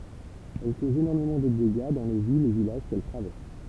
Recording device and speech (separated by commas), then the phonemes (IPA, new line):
temple vibration pickup, read sentence
ɛl kozt enɔʁmemɑ̃ də deɡa dɑ̃ le vilz e vilaʒ kɛl tʁavɛʁs